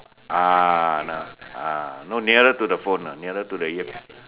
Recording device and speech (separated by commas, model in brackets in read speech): telephone, conversation in separate rooms